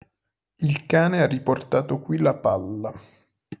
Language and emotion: Italian, neutral